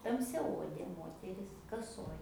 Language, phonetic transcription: Lithuanian, tamsiaˈodė ˈmoteris kaˈsoj

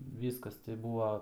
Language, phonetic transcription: Lithuanian, ˈvyskas tai ˈbūva

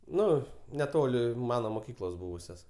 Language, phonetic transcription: Lithuanian, ˈnu neˈtoli ˈmano moˈkyklos ˈbūvusios

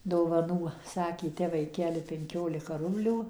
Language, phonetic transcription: Lithuanian, dovaˈnų ˈsakė ˈte vaiˈkeli penˈkiolika ˈrublių

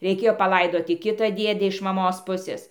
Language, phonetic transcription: Lithuanian, reiˈkėjo paˈlaidoti ˈkita ˈdiede iš maˈmos ˈpusės

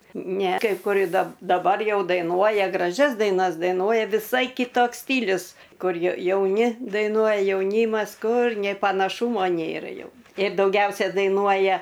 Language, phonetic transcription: Lithuanian, ne kai ˈkur ir da daˈbar ˈjau daiˈnuoja graˈžias daiˈnas daiˈnuoja viˈsai kiˈtoks ˈstylius ˈkur ja jauˈni daiˈnuoja jauˈnymas ˈkur nė panaˈšūmo ˈnėra ˈjau ir dauˈgiausia daiˈnuoja

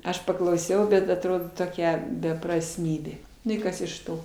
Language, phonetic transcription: Lithuanian, ˈaš paklauˈsiau bet atˈrodo toˈkia beprasˈmybė ˈnu i ˈkas iš ˈto

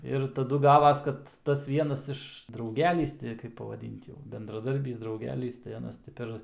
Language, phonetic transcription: Lithuanian, ir taˈdu ˈgavas ˈkad tas ˈvienas iš ˈdraugelys ti kaip pavaˈdint jau bendraˈdarbys drauˈgelys tai aˈnas ti ˈper

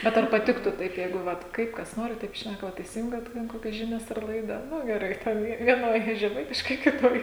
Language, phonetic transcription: Lithuanian, ˈbet ar paˈtiktų ˈtaip ˈjeigu ˈvat ˈkaip kas ˈnori ˈtaip ˈšnæka ˈva isiˈjungiat ˈten ˈkokias ˈžinias ar ˈlaida ˈnu geˈrai ten ˈjie vieˈnoj žeˈmaitiškai kiˈtoj

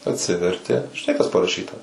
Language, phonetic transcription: Lithuanian, atˈsiverti žiˈnai kas paraˈšyta

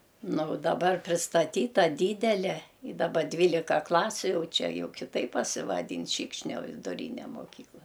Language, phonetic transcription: Lithuanian, ˈnu u daˈbar pristaˈtyta ˈdydele i daˈba ˈdvylika ˈklasiu ˈjau ˈčia ˈjau kiˈtaip pasivaˈdyn ˈšykšnio viduˈryne moˈkykla

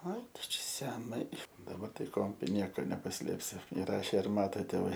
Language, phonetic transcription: Lithuanian, ai ˈtu ˈčia seˈnai daˈbar tai ˈko ˈnieko nepaˈslėpsi iˈrašė ir ˈmato tėˈvai

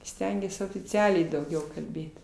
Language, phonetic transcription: Lithuanian, ˈstengies ofiˈcialiai dauˈgiau kalˈbėt

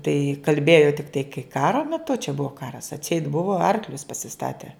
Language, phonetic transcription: Lithuanian, tai kalˈbėjo tikˈtai kai ˈkaro meˈtu čia ˈbuvo ˈkaras atˈseit ˈbuvo ˈarklius pasiˈstate

